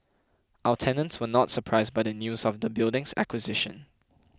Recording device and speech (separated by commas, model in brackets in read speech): close-talking microphone (WH20), read sentence